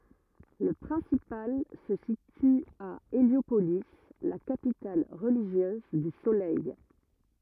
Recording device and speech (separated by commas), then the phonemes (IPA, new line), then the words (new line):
rigid in-ear microphone, read sentence
lə pʁɛ̃sipal sə sity a eljopoli la kapital ʁəliʒjøz dy solɛj
Le principal se situe à Héliopolis, la capitale religieuse du Soleil.